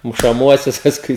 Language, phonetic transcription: Lithuanian, mušaˈmuosius pasˈkui

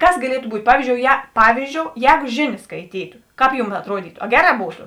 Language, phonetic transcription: Lithuanian, ˈkas gaˈlietu ˈbūtˈ ˈpavyzdžiou je ˈpavyzdžiou ˈjēgu ˈžėˌnės skaiˈtytu ˈkāp ˈjūm atˈruodytu a ˈgeˌrā ˈbūtu

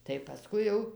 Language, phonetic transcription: Lithuanian, tai paˈskui jau

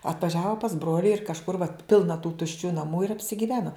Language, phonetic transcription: Lithuanian, atvaˈžiavo pas ˈbroli ir kažˈkur vat ˈpilna tų tušˈčių naˈmų ir apsigiˈveno

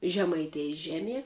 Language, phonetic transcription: Lithuanian, žemaiˈtėjis ˈžeˌmie

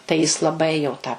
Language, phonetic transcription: Lithuanian, tai jis laˈbai jau tą

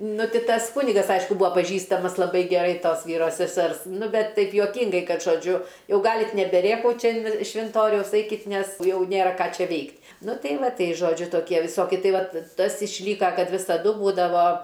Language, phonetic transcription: Lithuanian, ˈnu ˈti ˈtas ˈkunigas ˈaišku ˈbua paˈžįstamas laˈbai geˈrai ˈtos ˈvyro seˈsers ˈnu ˈbet ˈtaip juoˈkyngai ˈkad žoˈdžiu ˈjau ˈgalit' nebeˈrėkaut ˈčia in švinˈtoriaus ˈaikit' ˈnes ˈjau ˈnėra ˈką ˈčia ˈveikt' ˈnu ˈtei ˈva ˈtei ˈžodžiu toˈkie viˈsoki ˈtai ˈvat ˈtas išˈlyka ˈkad visaˈdu ˈbūdavo

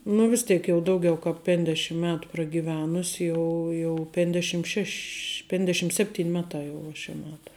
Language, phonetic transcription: Lithuanian, nu vis ˈtėk jau ˈdaugiau kap penˈdešim ˈmetu pragyˈvenus ˈjau jau penˈdešim ˈšeš' ˈpendešim ˈsepˌtyn ˈmeˌtā jau uo šia ˈmeta

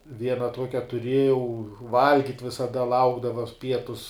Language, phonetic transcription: Lithuanian, ˈviena ˈtuokia tuˈriejau ˈvalgit' visaˈda ˈlaukdava ˈpietus

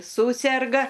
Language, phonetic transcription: Lithuanian, ˈsūserga

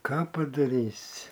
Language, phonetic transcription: Lithuanian, ˈką padaˈrysi

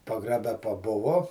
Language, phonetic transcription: Lithuanian, pagraˈbe paˈbuvo

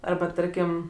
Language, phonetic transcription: Lithuanian, ˈarba ˈtarkim

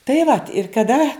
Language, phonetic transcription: Lithuanian, tai vat ir kaˈda

